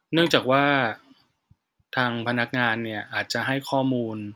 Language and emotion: Thai, neutral